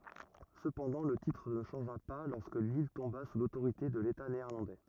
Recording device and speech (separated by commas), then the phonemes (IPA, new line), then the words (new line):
rigid in-ear microphone, read sentence
səpɑ̃dɑ̃ lə titʁ nə ʃɑ̃ʒa pa lɔʁskə lil tɔ̃ba su lotoʁite də leta neɛʁlɑ̃dɛ
Cependant, le titre ne changea pas lorsque l'île tomba sous l'autorité de l'État néerlandais.